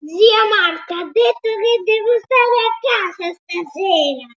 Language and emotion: Italian, angry